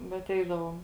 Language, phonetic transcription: Lithuanian, ˈbet ˈeidavom

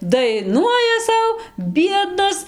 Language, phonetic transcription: Lithuanian, daiˈnuoja ˈsau ˈbiednas

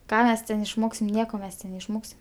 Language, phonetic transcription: Lithuanian, ˈką ˈmes ten išˈmoksim ˈnieko ˈmes ten neišˈmoksim

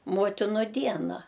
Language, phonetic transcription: Lithuanian, ˈmotinu ˈdiena

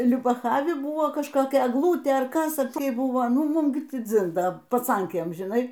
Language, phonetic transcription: Lithuanian, liubaˈchavi ˈbūvo kažkoˈkia egˈlūtė ar ˈkas a prė ˈbuvo ˈnu giˈmūm ˈgi ˈtį ˈdzin ˈda paˈcankėm žiˈnai

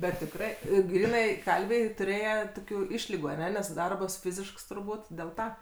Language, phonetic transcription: Lithuanian, bet tikˈrai i ˈgrynai ˈkalviai tuˈrėje ˈtokiu ˈišligu aˈne nes ˈdarbas ˈfizišks turˈbūt del ˈta

